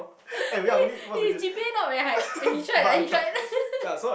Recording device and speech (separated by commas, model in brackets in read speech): boundary microphone, conversation in the same room